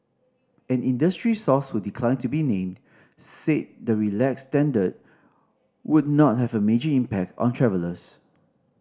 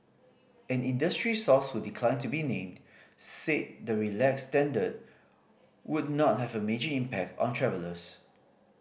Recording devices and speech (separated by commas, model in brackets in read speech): standing microphone (AKG C214), boundary microphone (BM630), read sentence